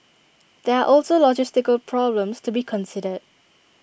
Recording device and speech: boundary microphone (BM630), read sentence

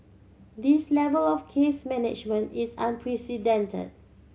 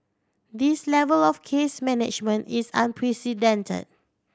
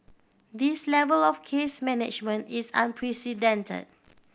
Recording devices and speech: mobile phone (Samsung C7100), standing microphone (AKG C214), boundary microphone (BM630), read sentence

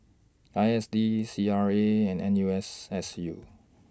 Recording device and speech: standing microphone (AKG C214), read sentence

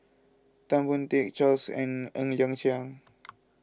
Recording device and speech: close-talking microphone (WH20), read sentence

